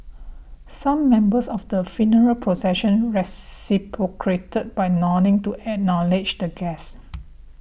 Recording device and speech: boundary microphone (BM630), read sentence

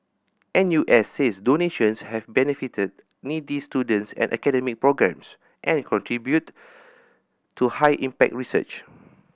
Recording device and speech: boundary microphone (BM630), read sentence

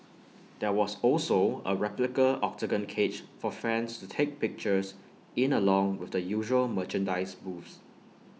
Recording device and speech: mobile phone (iPhone 6), read sentence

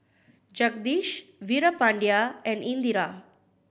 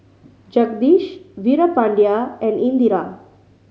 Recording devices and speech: boundary microphone (BM630), mobile phone (Samsung C5010), read sentence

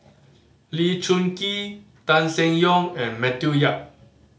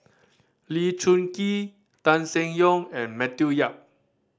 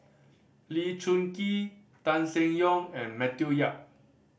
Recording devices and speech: mobile phone (Samsung C5010), standing microphone (AKG C214), boundary microphone (BM630), read sentence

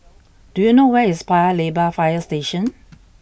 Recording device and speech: boundary microphone (BM630), read sentence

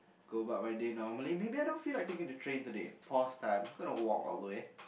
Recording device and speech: boundary microphone, conversation in the same room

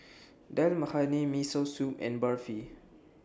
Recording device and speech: standing microphone (AKG C214), read sentence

